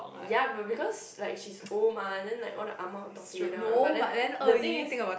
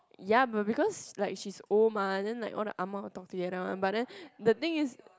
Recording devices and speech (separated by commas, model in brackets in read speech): boundary microphone, close-talking microphone, conversation in the same room